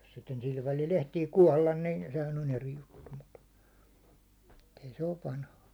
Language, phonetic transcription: Finnish, jos sitten 'sil välil 'ehtii "kuållan nin , sehän on 'eri 'juttu mut , t ‿ei se 'ov "vanha .
- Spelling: jos sitten sillä välillä ehtii kuolla niin sehän on eri juttu mutta että ei se ole vanha

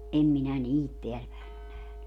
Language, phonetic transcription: Finnish, 'ʼem minä "niit 'teäl päen ‿on 'nähny .
- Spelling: en minä niitä täällä päin ole nähnyt

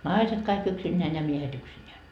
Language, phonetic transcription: Finnish, "naiset kaik 'yksinneän ja 'miehet ‿yksinneä .
- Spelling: naiset kaikki yksinään ja miehet yksinään

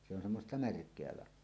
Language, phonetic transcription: Finnish, se ‿on semmosta "märk̀eä 'lah̆hoa .
- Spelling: se on semmoista märkää lahoa

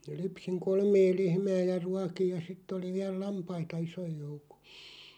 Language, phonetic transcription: Finnish, 'lypsiŋ "kolmee 'lehmää ja "ruakij ja 'sitt ‿oli 'viäl "lampaita 'isoj 'joukᴏ .
- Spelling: lypsin kolmea lehmää ja ruokin ja sitten oli vielä lampaita ison joukon

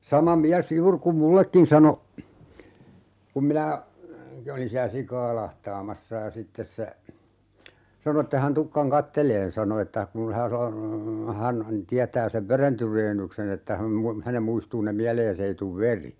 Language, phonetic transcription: Finnish, "sama 'miäs "juur kum "mullekkin 'sano , 'kum minä , 'olin siä "sikaa 'lahtaamassa ja 'sittes se , 'sano ette hän 'tukkaŋ "katteleen 'sano että , kun hä- , 'hän , 'tiätää sev "veren 'tyreennyksen ‿että häm mu- , 'hänem 'muistuu ne "miälee's ‿ei tuv "veri .
- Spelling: sama mies juuri kun minullekin sanoi kun minä olin siellä sikaa lahtaamassa ja sitten se sanoi että ei hän tulekaan katselemaan sanoi että kun - hän tietää sen veren tyreennyksen että hän - hänen muistuu ne mieleen ei tule veri

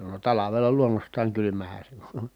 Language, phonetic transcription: Finnish, (no) talavela luonnost̀aaŋ kylymähä se (on) .
- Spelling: no talvella luonnostaan kylmähän se on

